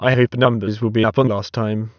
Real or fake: fake